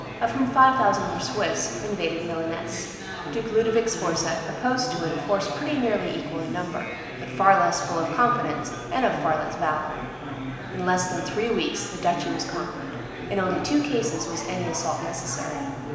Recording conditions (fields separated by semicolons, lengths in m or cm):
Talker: one person; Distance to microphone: 1.7 m; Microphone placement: close; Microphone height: 1.0 m; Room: very reverberant, large; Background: babble